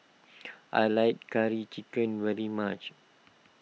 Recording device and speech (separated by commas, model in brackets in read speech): mobile phone (iPhone 6), read sentence